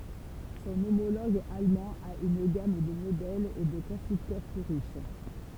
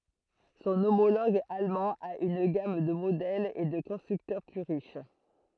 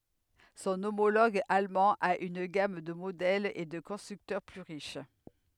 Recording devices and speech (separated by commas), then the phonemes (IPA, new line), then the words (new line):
temple vibration pickup, throat microphone, headset microphone, read sentence
sɔ̃ omoloɡ almɑ̃ a yn ɡam də modɛlz e də kɔ̃stʁyktœʁ ply ʁiʃ
Son homologue allemand a une gamme de modèles et de constructeurs plus riche.